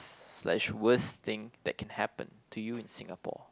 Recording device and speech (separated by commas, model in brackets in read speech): close-talking microphone, conversation in the same room